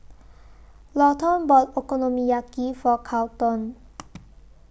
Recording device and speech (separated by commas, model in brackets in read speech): boundary microphone (BM630), read sentence